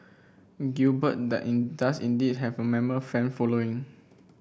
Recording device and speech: boundary microphone (BM630), read sentence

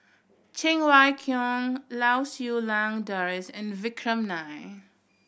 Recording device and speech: boundary microphone (BM630), read sentence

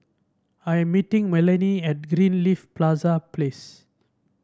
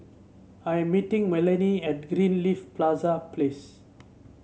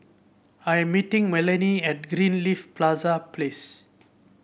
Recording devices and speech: standing microphone (AKG C214), mobile phone (Samsung C7), boundary microphone (BM630), read sentence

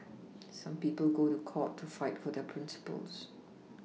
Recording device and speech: mobile phone (iPhone 6), read sentence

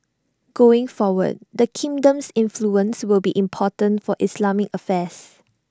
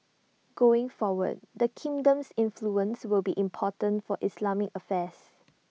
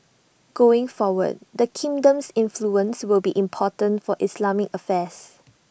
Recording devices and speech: standing microphone (AKG C214), mobile phone (iPhone 6), boundary microphone (BM630), read sentence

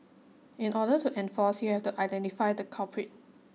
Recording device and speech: mobile phone (iPhone 6), read sentence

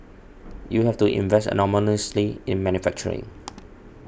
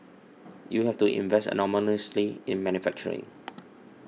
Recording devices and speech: boundary microphone (BM630), mobile phone (iPhone 6), read sentence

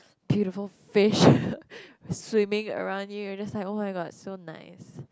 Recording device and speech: close-talking microphone, conversation in the same room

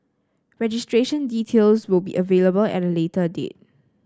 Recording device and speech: standing microphone (AKG C214), read sentence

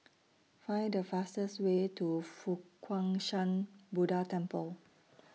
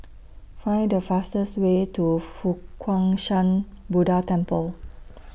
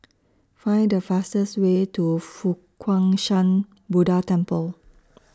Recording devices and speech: mobile phone (iPhone 6), boundary microphone (BM630), standing microphone (AKG C214), read sentence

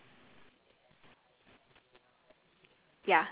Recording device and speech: telephone, conversation in separate rooms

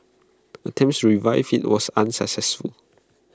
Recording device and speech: close-talking microphone (WH20), read sentence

